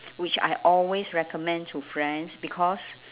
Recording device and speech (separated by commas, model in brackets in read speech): telephone, conversation in separate rooms